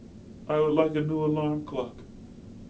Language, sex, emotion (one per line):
English
male
neutral